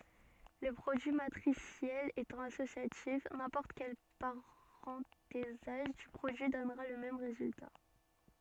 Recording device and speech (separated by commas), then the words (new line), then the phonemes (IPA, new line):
soft in-ear microphone, read sentence
Le produit matriciel étant associatif, n'importe quel parenthésage du produit donnera le même résultat.
lə pʁodyi matʁisjɛl etɑ̃ asosjatif nɛ̃pɔʁt kɛl paʁɑ̃tezaʒ dy pʁodyi dɔnʁa lə mɛm ʁezylta